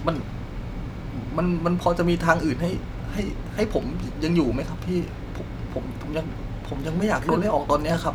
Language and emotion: Thai, frustrated